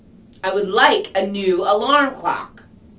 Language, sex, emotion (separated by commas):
English, female, angry